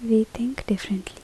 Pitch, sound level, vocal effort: 220 Hz, 69 dB SPL, soft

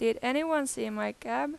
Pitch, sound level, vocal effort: 240 Hz, 90 dB SPL, loud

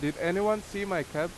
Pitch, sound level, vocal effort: 175 Hz, 88 dB SPL, very loud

